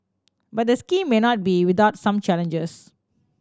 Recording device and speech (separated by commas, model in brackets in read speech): standing microphone (AKG C214), read sentence